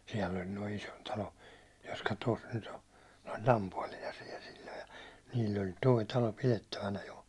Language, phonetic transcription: Finnish, siɛll ‿ol noi 'isontalo , jotka tos 'nyt ‿o , ne oĺ "lampuålina siel sil̜l̜o ja , niil'l ‿oĺ 'toi talo 'pilettävänä jo .
- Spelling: siellä oli nuo Isontalon jotka tuossa nyt on ne oli lampuotina siellä silloin ja niillä oli tuo talo pidettävänä jo

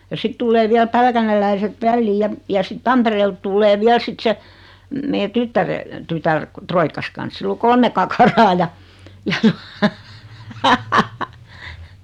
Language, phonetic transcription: Finnish, ja 'sit tullee viäl "pälkänelläiset "välliiʲ ja , ja sit "Tampereelt tullee 'viäl 'sit se , 'mee "tyttäre , "tytär , 'troikkas kans 'sill ‿o "kolme kakaraa ja , ja tᴜᴀ .
- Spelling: ja sitten tulee vielä pälkäneläiset väliin ja ja sitten Tampereelta tulee vielä sitten se meidän tyttären tytär roikkansa kanssa sillä on kolme kakaraa ja ja tuo

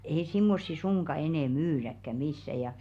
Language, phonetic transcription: Finnish, ei simmossi 'suŋka 'enɛ "myyräkkä 'missä ja jà .
- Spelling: ei semmoisia suinkaan enää myydäkään missään ja ja

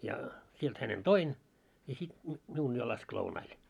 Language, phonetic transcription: Finnish, ja , 'sielt hänen "toin , ja sit nyt 'miun jo lask 'lounail .
- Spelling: ja sieltä hänet toin ja sitten nyt minun jo laski lounaalle

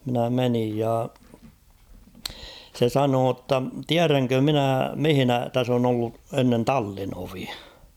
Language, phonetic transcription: Finnish, minä 'menij ja , se "sanoo ‿tta "tiäräŋkö 'minä 'mihᵎnä 'täs ‿on ‿ollu 'ennen "tallinovi .
- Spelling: minä menin ja se sanoi jotta tiedänkö minä missä tässä on ollut ennen tallinovi

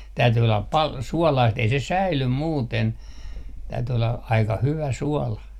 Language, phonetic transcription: Finnish, täyty ollap 'pal "suɔlaist ei se "säilym 'muuten , täyty olla 'aika 'hyvä 'suɔla .
- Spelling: täytyi olla paljon suolaista ei se säily muuten täytyi olla aika hyvä suola

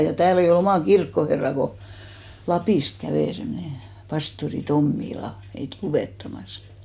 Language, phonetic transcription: Finnish, ja 'tääl ‿ei o'l ‿omà "kirkkoherrà ko , "Lapìst 'kävè semnè , 'pastori "Tommi'la , meit 'luvèttamas .
- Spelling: ja täällä ei ollut omaa kirkkoherraa kun Lapista kävi semmoinen pastori Tommila meitä luettamassa

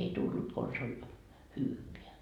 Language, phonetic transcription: Finnish, ei 'tullut kons ‿oĺ , "hyyveä .
- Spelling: ei tullut konsa oli hyvää

